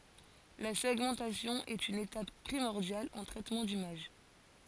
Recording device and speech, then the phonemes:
forehead accelerometer, read sentence
la sɛɡmɑ̃tasjɔ̃ ɛt yn etap pʁimɔʁdjal ɑ̃ tʁɛtmɑ̃ dimaʒ

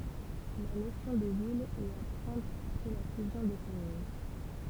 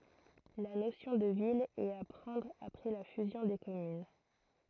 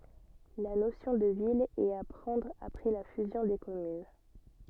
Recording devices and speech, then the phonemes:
temple vibration pickup, throat microphone, soft in-ear microphone, read sentence
la nosjɔ̃ də vil ɛt a pʁɑ̃dʁ apʁɛ la fyzjɔ̃ de kɔmyn

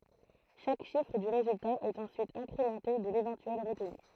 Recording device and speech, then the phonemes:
throat microphone, read sentence
ʃak ʃifʁ dy ʁezylta ɛt ɑ̃syit ɛ̃kʁemɑ̃te də levɑ̃tyɛl ʁətny

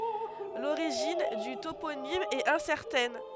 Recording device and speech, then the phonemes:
headset microphone, read sentence
loʁiʒin dy toponim ɛt ɛ̃sɛʁtɛn

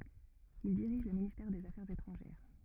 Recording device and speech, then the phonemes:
rigid in-ear microphone, read sentence
il diʁiʒ lə ministɛʁ dez afɛʁz etʁɑ̃ʒɛʁ

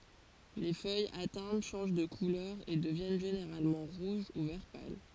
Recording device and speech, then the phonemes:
forehead accelerometer, read sentence
le fœjz atɛ̃t ʃɑ̃ʒ də kulœʁ e dəvjɛn ʒeneʁalmɑ̃ ʁuʒ u vɛʁ pal

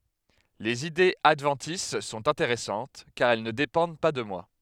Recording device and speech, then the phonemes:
headset microphone, read sentence
lez idez advɑ̃tis sɔ̃t ɛ̃teʁɛsɑ̃t kaʁ ɛl nə depɑ̃d pa də mwa

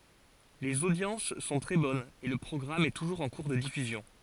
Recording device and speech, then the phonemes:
forehead accelerometer, read sentence
lez odjɑ̃s sɔ̃ tʁɛ bɔnz e lə pʁɔɡʁam ɛ tuʒuʁz ɑ̃ kuʁ də difyzjɔ̃

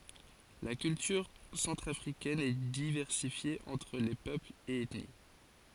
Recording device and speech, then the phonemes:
forehead accelerometer, read sentence
la kyltyʁ sɑ̃tʁafʁikɛn ɛ divɛʁsifje ɑ̃tʁ le pøplz e ɛtni

